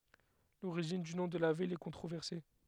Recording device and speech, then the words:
headset microphone, read sentence
L'origine du nom de la ville est controversée.

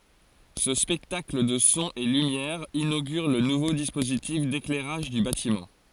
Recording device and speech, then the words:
forehead accelerometer, read sentence
Ce spectacle de sons et lumières inaugure le nouveau dispositif d'éclairage du bâtiment.

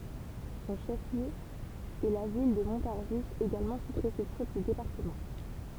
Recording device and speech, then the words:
temple vibration pickup, read sentence
Son chef-lieu est la ville de Montargis, également sous-préfecture du département.

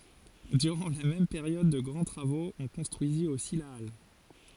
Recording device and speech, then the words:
forehead accelerometer, read sentence
Durant la même période de grands travaux, on construisit aussi la halle.

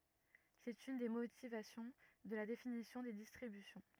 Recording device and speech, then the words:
rigid in-ear microphone, read sentence
C'est une des motivations de la définition des distributions.

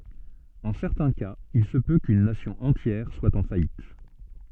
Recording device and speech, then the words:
soft in-ear microphone, read sentence
En certains cas, il se peut qu'une Nation entière soit en faillite.

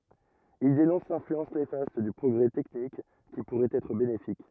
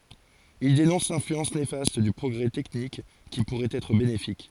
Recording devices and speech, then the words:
rigid in-ear microphone, forehead accelerometer, read sentence
Il dénonce l'influence néfaste du progrès technique qui pourrait être bénéfique.

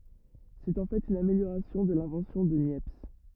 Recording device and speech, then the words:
rigid in-ear microphone, read sentence
C'est en fait une amélioration de l'invention de Niepce.

